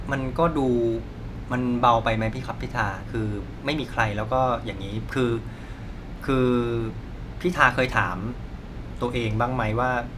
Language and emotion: Thai, frustrated